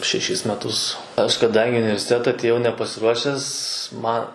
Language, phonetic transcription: Lithuanian, šeˈšis meˈtus ˈaš kaˈdangi i universiˈteta atėˈjau nepasiˈruošes ˈma

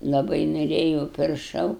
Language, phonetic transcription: Lithuanian, laˈbai noˈrėjūu pirˈšau

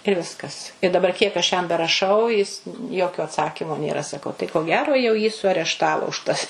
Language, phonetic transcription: Lithuanian, ir ˈviskas i daˈbar kiek aš jam beraˈšau jis ˈjokio atˈsakimo nėˈra saˈkau tai ko gero jau jį suarešˈtavo už tas

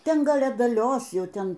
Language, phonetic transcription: Lithuanian, ˈten ˈgal adaˈlios ˈjau ˈten

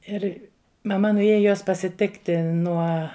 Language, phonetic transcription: Lithuanian, ˈir maˈma nuˈėja jos pasiˈtikti ˈnuo

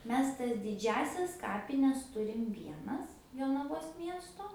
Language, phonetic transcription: Lithuanian, ˈmes tas diˈdžiąsias ˈkapines ˈturim ˈvienas jonaˈvos ˈmiesto

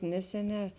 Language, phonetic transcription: Lithuanian, ˈneseˌnē

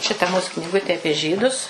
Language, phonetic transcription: Lithuanian, ˈšita mūs kniˈgutė ˈapie ˈžydus

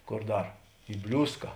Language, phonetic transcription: Lithuanian, ˈkor ˈdar i ˈbliūska

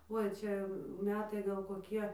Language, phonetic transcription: Lithuanian, ˈui ˈčia ˈmetai gal koˈkie

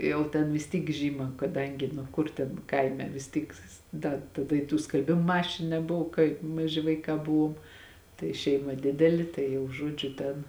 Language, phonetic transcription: Lithuanian, ˈjau ten vis ˈtyk ˈžyma kaˈdangi nu ˈkur ten ˈkaime vis ˈtyk ˈda taˈda i tų skalˈbimo ˈmašinu neˈbuvo kaip maˈži vaiˈkā ˈbuvuom tai ˈšeima ˈdideli ˈtai jau ˈžuodžiu ˈten

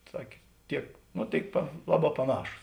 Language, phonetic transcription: Lithuanian, ˈsakė ˈtiek ˈno ˈtėik pa ˈlaˌbā paˈnašūs

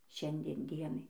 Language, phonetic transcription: Lithuanian, ˈšiandien ˈdienai

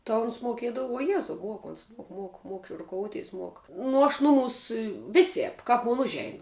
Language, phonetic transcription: Lithuanian, ta ˈuns moˈkiedavu uo ˈjezau ˈmuok ˈons ˈmuok ˈmuok ˈmuok i ruˈkouˌtys ˈmuok ˈnu aš ˈnuˌmūs ˈvisēp ˈkap mon ˈužein

